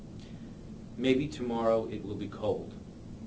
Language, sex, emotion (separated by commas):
English, male, neutral